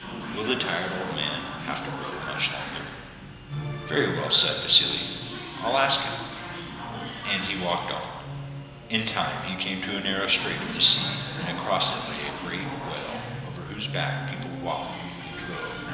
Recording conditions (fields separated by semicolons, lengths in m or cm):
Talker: one person; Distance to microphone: 1.7 m; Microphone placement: close; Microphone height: 1.0 m; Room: very reverberant, large; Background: television